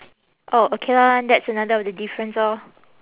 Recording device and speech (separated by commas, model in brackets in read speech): telephone, conversation in separate rooms